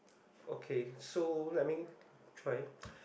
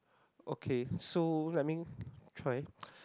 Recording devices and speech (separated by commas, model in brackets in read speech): boundary microphone, close-talking microphone, conversation in the same room